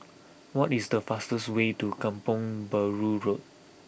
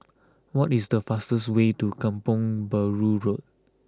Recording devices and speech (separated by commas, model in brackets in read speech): boundary microphone (BM630), close-talking microphone (WH20), read sentence